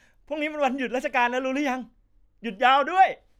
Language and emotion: Thai, happy